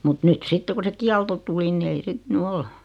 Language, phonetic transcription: Finnish, mut 'nyt "sitte ku se 'kialto tuli ni ei 'sit ny "ol .
- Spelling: mutta nyt sitten kun se kielto tuli niin ei sitten nyt ole

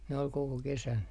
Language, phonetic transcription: Finnish, ne ol 'koko kesän .
- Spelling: ne oli koko kesän

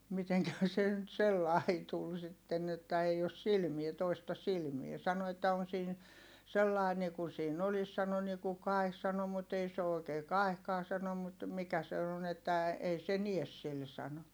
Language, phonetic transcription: Finnish, miteŋkähä se nyt sellai tul sitten ‿että että ei os silmie toista silmie(.) sano että » on̬ siin , sellai nikun̬ siin ‿olis » sano » niku kai̮h » sano » mut ‿ei se o oikee kaehkaa » sano » mut , mikä se on ‿että , ei se nies sil » sano .
- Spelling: mitenkähän se nyt sellainen tuli sitten että että ei ole silmiä toista silmää sanoi että on siinä sellainen niin kuin siinä olisi sanoi niin kuin kaihi sanoi mutta ei se ole oikein kaihikaan sanoi mutta mikä se on että ei se näe sillä sanoi

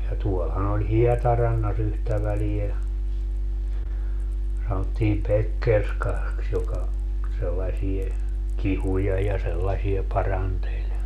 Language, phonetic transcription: Finnish, ja tuolhan ‿oĺ "Hiɛtaranna's ‿yhtä välie , sanottiim "Pekkerskaks joka , sellasie , "kihuja ja 'sellasie 'paranteĺ .
- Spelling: ja tuollahan oli Hietarannassa yhtä väliä sanottiin Pekkerskaksi joka sellaisia kihuja ja sellaisia paranteli

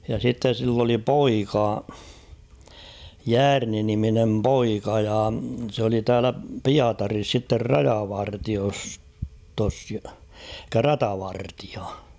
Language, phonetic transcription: Finnish, ja sitte sill ‿oli "poika , "Jäärni niminem 'poika ja s ‿oli 'täälä "Piataris sitter "rajavartios-tos , [elik]kä "ratavartɪᴀ .
- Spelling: ja sitten sillä oli poika Jäärni niminen poika ja se oli täällä Pietarissa sitten rajavartiostossa eli ratavartija

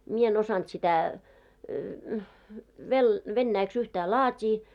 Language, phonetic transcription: Finnish, 'mie en ‿osant sitä , vel- , 'vennäiks yhtää "laat́ii .
- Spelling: minä en osannut sitä - venäjäksi yhtään laatia

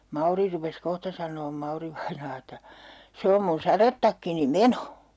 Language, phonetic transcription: Finnish, "Mauri rupes 'kohta san̆noom 'Mauri-vainaa että , » 'se om mun 'sarettakkini "meno !
- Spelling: Mauri rupesi kohta sanomaan Mauri-vainaa että se on minun sadetakkini meno

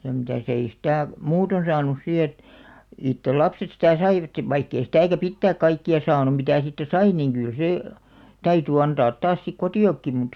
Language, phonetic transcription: Finnish, ja mitä̀'s ‿ei "sⁱtä̀ , 'muuton 'saanus 'si et , 'ittel 'lapset sitä̀ "saivat , vaikk ‿ei 'sⁱtä̀kä "pittääk 'kaikki₍a "saanum̆ mitä̀ siittä "sai niŋ ɢyl 'sè , "täyty antaat 'taas sik "kotì₍okki mut ,.
- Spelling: ja mitäs ei sitä muuten saanut sitten että itse lapset sitä saivat vaikka ei sitäkään pitää kaikkia saanut mitä siitä sai niin kyllä se täytyi antaa taas sitten kotiinkin mutta

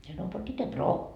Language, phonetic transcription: Finnish, mie saanoi » po bitte 'broo » .
- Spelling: minä sanoin po bitte broo

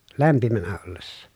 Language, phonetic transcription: Finnish, lämpimänä ollessa .
- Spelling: lämpimänä ollessa

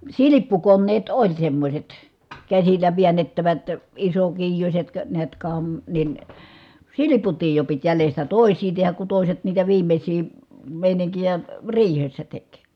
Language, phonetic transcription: Finnish, silippukonneet oĺ semmośet , käsillä viännettävät , isokiijuśet , kə , niät kam- , nin , siliputiij jo pit jälestä tòi̮s̀ii tehäk ku tòi̮set niitä viimeśii , mèiniŋkijä , riihessä tek .
- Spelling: silppukoneet oli semmoiset käsillä väännettävät isokiijuiset - näet - niin silputtiin jo piti jäljestä toisia tehdä kun toiset niitä viimeisiä meininkejä riihessä teki

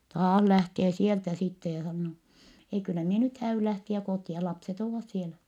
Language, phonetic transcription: Finnish, taah lähtee sieltä sitte ja sannoo , » ei kyllä mie nyt hää₍yl lähtiä kòti₍a , lapset ‿oovas sielä » .
- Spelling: taas lähtee sieltä sitten ja sanoo ei kyllä minä nyt häädyn lähteä kotia lapset ovat siellä

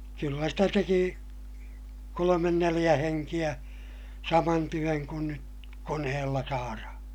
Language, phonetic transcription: Finnish, kyllä stä teki , kolomen neliʲä heŋkiʲä , saman työŋ kun nyt , konehella saarahaa̰ .
- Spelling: kyllä sitä teki kolme neljä henkeä saman työn kuin nyt koneella saadaan

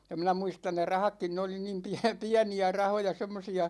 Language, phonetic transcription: Finnish, ja 'minä 'muistan ne "rahakkin 'ne oli niim 'piä- "piäni₍ä 'rahoja 'semmosi₍a .
- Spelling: ja minä muistan ne rahatkin ne oli niin - pieniä rahoja semmoisia

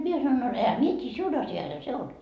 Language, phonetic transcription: Finnish, mie sanoin » no ehä "mie t́ii , 'siun asjaisha 'se 'on .
- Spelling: minä sanoin no enhän minä tiedä sinun asiasihan se on

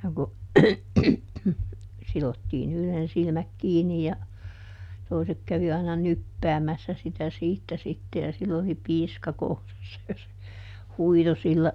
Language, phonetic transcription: Finnish, no ku , ˈsilottiin ‿yhlen ˈsilmäk ˈkiinni ja , ˈtoisek kävi aina "nyppäämässä sitä ˈsiittä sitte ja ˈsill ‿oli "piiska ˈkourassa ja se , "huito sillä ,.
- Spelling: no kun sidottiin yhden silmät kiinni ja toiset kävi aina nyppäämässä sitä siitä sitten ja sillä oli piiska kourassa ja se huitoi sillä

